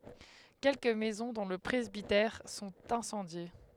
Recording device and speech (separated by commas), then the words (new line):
headset microphone, read sentence
Quelques maisons, dont le presbytère, sont incendiées.